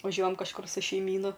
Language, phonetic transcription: Lithuanian, vaˈžiuojam kažˈkur su šeiˈmynu

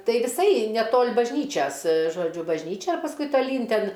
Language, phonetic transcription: Lithuanian, ˈtai viˈsai neˈtol' bažˈnyčias žoˈdžiu bažˈnyčia ir pasˈkui taˈlyn ˈten

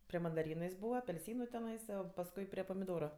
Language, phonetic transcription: Lithuanian, pri mandaˈrynu jis ˈbūva apelˈsynu teˈnaisa savo pasˈkui pri pamiˈdoru

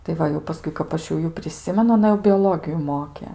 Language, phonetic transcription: Lithuanian, tai ˈva jau paˈskui kap ˈaš jau ˈjų priˈsimenu aˈna jau bioˈlogiju ˈmoke

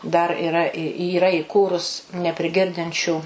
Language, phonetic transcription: Lithuanian, dar iˈra i yˈra iˈkūrus nepriˈgirdinčių

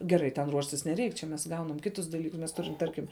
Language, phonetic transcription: Lithuanian, geˈrai ten ˈruoštis neˈreik čia mes ˈgaunam ˈkitus daˈlykus mes ˈturim ˈtarkim

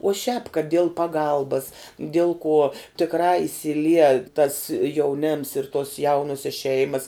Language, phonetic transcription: Lithuanian, uo šiāp kad diel paˈgalbas diel kuo tikˈrā isilˈie tas jauˈnems ir tuos ˈjaunuosias ˈšeimas

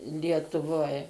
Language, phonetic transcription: Lithuanian, lietuˈvoj

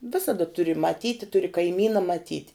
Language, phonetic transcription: Lithuanian, ˈvisada ˈturi maˈtyti ˈturi kaiˈmyna maˈtyt'

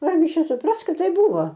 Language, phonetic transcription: Lithuanian, ˈargi ˈčia suˈpras ˈkad ˈtaip ˈbūvo

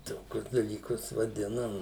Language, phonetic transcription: Lithuanian, ˈtokius dalyˈkus vaˈdinam

